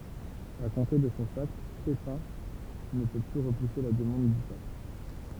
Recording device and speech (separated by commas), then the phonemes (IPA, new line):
temple vibration pickup, read sentence
a kɔ̃te də sɔ̃ sakʁ pepɛ̃ nə pø ply ʁəpuse la dəmɑ̃d dy pap